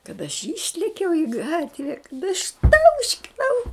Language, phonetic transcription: Lithuanian, kad aš ˈyšlekiau i ˈgatve išˈtauškinau

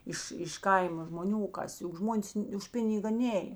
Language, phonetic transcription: Lithuanian, ˈiš iš ˈkaima žmoˈnių o ˈkas juk ˈžmonės už ˈpiniga ˈnėj

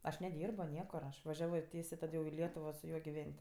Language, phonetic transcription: Lithuanian, ˈaš neˈdyrbo ˈniekur ˈaš vaˈžiavo ˈtiesė ˈtad jau i ˈlietuvo su ˈjuo giˈven't'

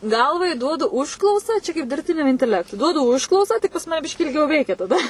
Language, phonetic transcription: Lithuanian, ˈgalvai ˈduodu užˈklausa ˈčia kaip dirbˈtiniam inteˈlektui ˈduodu ˈužklausą tik pas ˈmane ˈbiškį ilˈgiau ˈveikia taˈda

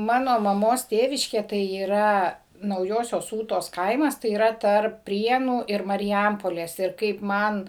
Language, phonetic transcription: Lithuanian, ˈmano maˈmos ˈtėviškė tai yˈra nauˈjosios ˈūtos ˈkaimas tai yˈra ˈtarp ˈprienų ir mariˈjampolės ir ˈkaip ˈman

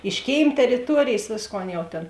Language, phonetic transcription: Lithuanian, iš ˈkėim teriˈtuorėjės ˈvėsˌkon ˈjau tėn

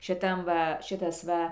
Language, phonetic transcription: Lithuanian, šiˈtam ˈva ˈšitas ˈva

